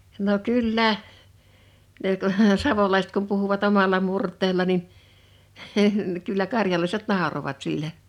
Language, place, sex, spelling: Finnish, Liperi, female, no kyllä ne kun savolaiset kun puhuvat omalla murteella niin kyllä karjalaiset nauroivat sille
- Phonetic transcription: no "kyl"lä , ne ku , 'savolaiset kum puhuvat 'omal̆la 'murt̆teella nin , kyllä "karjalaiset "nàorovat 'sille .

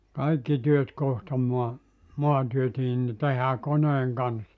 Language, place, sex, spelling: Finnish, Joutsa, male, kaikki työt kohta maa maatyötkin niin tehdään koneen kanssa
- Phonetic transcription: 'kaikki 'työt 'kohta mua , "muantyötiin ni 'tehää 'koneeŋ kanssa .

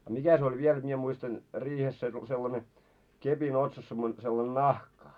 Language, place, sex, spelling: Finnish, Moloskovitsa, male, niin a mikä se oli vielä jotta minä muistan riihessä se sellainen kepin otsassa - sellainen nahka
- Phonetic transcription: nii , a 'mikä se oĺ 'viel jot mie muistan , 'riihes se sellane , 'kepin 'otsas semmo- sellan "nahka ?

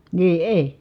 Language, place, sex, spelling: Finnish, Kitee, female, niin ei
- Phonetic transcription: nii èi̮ .

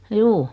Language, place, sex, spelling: Finnish, Noormarkku, female, juu
- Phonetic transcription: 'juu .

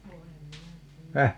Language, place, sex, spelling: Finnish, Paavola, female, voi en minä tiedä
- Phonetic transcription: 'voi em "minä 'tii₍ä ,.

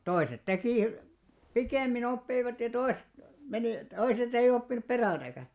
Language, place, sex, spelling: Finnish, Alastaro, male, toiset teki pikemmin oppivat ja toiset meni toiset ei oppinut perässäkään
- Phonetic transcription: 'toiset 'tekì , "pikèmmin ‿oppeivat ja 'toiset , 'menì , toiset ‿ei'ʲ ‿oppinup "perältäkä .

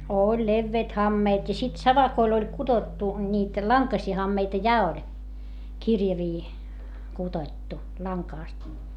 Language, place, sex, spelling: Finnish, Hietamäki, female, oli leveät hameet ja sitten savakoilla oli kudottu niitä lankaisia hameita ja oli kirjavia kudottu langasta
- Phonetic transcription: ooĺ levveet hammeet - ja sit savakoil ‿oĺ kuDottu , ńiit , laŋkasii hammeita ja oĺ , kirjavii , kuDoⁱttu , laŋkàst .

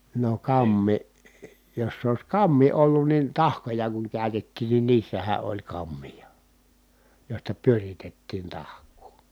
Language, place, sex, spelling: Finnish, Kitee, male, no kampi jos se olisi kampi ollut niin tahkoja kun käytettiin niin niissähän oli kampia joista pyöritettiin tahkoa
- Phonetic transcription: no kammi , jos s ‿ois kammi ollun niin tahkoja kuŋ kä̀y̬tettiin nin niissähä oĺ kammija , jòista pyöritettiin tahk̀uu .

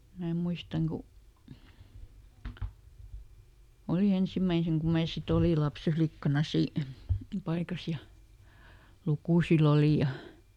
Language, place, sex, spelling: Finnish, Lieto, female, minä muistan kun oli ensimmäisen kun minä sitten olin - lapsenlikkana - paikassa ja lukusilla oli ja
- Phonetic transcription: mää ˈmuistaŋ ku , ˈoli ˈensimäiseŋ kum̆ ˈmää sit ‿oli "laps eflikkana si- , ˈpaikas ja , "lukùsil ‿oli ja ,.

